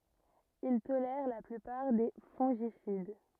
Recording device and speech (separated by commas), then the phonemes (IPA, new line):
rigid in-ear microphone, read sentence
il tolɛʁ la plypaʁ de fɔ̃ʒisid